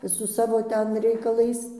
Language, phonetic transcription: Lithuanian, su ˈsavo ˈten reikaˈlais

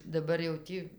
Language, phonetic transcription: Lithuanian, daˈbar jau ˈtį

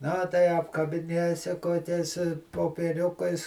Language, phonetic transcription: Lithuanian, na tai apkabiˈnėsi koˈkiais popieˈriukais

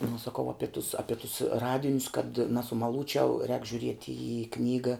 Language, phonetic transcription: Lithuanian, nu saˈkau ˈapi tus ˈapi tus ˈradinius kad nasumaˈlūčiau rēk žiuˈrieti į ˈknyga

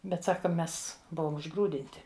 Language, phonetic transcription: Lithuanian, ˈbet ˈsaka ˈmes ˈbuvom užˈgrūdinti

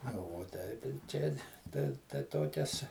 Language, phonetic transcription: Lithuanian, ˈna vuo ˈteip ir ˈčia tai tai ˈtokias

